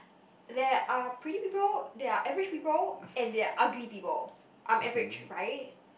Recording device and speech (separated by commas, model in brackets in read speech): boundary microphone, conversation in the same room